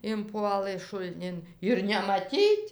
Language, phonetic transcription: Lithuanian, inˈpuolɘ šulˈnin ir nemaˈtyt'

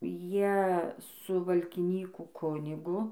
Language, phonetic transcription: Lithuanian, ˈjie su valkiˈnykų ˈkunigu

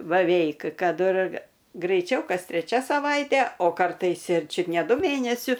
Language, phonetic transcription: Lithuanian, baˈveik ˈkad ir graiˈčiau ˈkas treˈčia saˈvaite o karˈtais ir ˈčiut ne ˈdu ˈmėnesiu

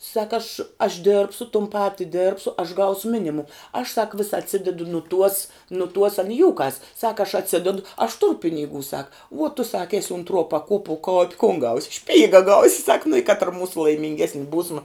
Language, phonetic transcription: Lithuanian, ˈsaka aš aš ˈdėrbsu tum ˈpati ˈdėrbsu aš ˈgausu ˈminimum aš sak vis atˈsidedu nu tuos nu tuos an i ˈjūkas sak aš atˈsidedu aš ˈturu piniˈgų ˈsaka uo tu ˈsaka ˈesi untˈruo paˈkuopuo ko kun gaus' ˈšpyga ˈgausi sak nu i ˈkatra ˈmūsu laiminˈgesni ˈbūsma

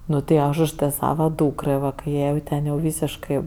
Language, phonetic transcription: Lithuanian, ˈnu ti ˈaš už ˈtɜ ˈsava ˈdūkrɜ ˈva kai ˈjai jau ˈten jau ˈvysiškɜ

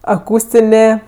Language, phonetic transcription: Lithuanian, aˈkūstinė

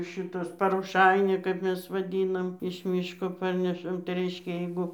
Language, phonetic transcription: Lithuanian, ˈšitas paroˈšainia kap ˈmes vaˈdynam iš ˈmyško ˈparnešam tai ˈreiškia ˈjeigu

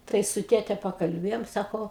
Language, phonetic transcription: Lithuanian, ˈtai su ˈtėte pakalˈbėjom ˈsako

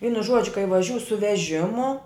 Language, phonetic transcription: Lithuanian, ˈvynu ˈžuodžiu kai vaˈžiū su veˈžimu

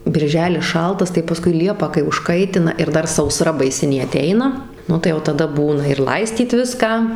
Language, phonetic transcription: Lithuanian, birˈželis ˈšaltas tai paˈskui ˈliepą kai užˈkaitina ir ˈdar sauˈsra baiˈsinė aˈteina ˈnu tai jau taˈda ˈbūna ir ˈlaistyt ˈviską

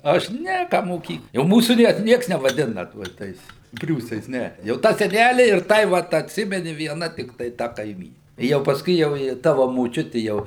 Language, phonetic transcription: Lithuanian, aš ˈne ˈką moˈkyk jau ˈmūsų nie ˈnieks nevaˈdina tuo ˈtais ˈpriūsais ˈne jau ˈtą seˈnæli ir ˈtai vat atˈsimeni vieˈna tikˈtai ˈta kaiˈmyni ˈjau pasˈkui jau ˈji ˈtava moˈčiuti ˈjau

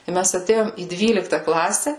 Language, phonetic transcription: Lithuanian, i ˈmes aˈtėjom į ˈdvylikta ˈklase

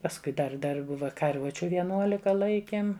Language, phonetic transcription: Lithuanian, pasˈkui ˈdar ˈdar ˈbuva karˈvučiu vieˈnuolika ˈlaikėm

